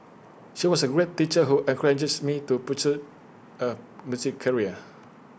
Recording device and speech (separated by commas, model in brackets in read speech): boundary microphone (BM630), read sentence